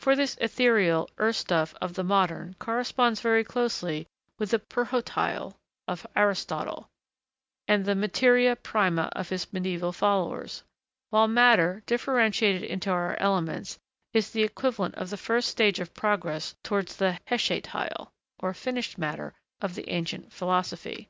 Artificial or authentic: authentic